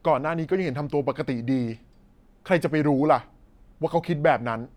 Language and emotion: Thai, angry